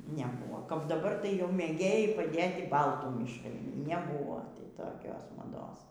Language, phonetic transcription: Lithuanian, neˈbūvo kap daˈbar tai jau mėˈgėjai paˈdėti ˈbaltų mišˈrai neˈbūvo ti toˈkios maˈdos

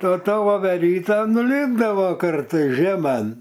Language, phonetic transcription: Lithuanian, o ˈta voveˈryta nuˈlipdavo ˈkartais žėˈman

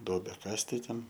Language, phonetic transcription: Lithuanian, ˈduobę ˈkast tai ˈten

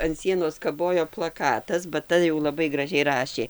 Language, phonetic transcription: Lithuanian, an ˈsienos kaˈbojo plaˈkatas ba ˈta jau laˈbai graˈžiai ˈrašė

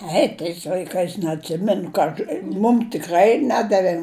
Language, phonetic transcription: Lithuanian, ˈei tais l'aiˈkais neatˈsimenu ka ˈaš ˈmum tiˈkrai ˈnedavė

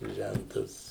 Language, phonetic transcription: Lithuanian, ˈžæntas

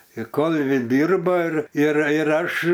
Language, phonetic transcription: Lithuanian, i ˈkolviu ˈdyrba ir ir ir ˈaš

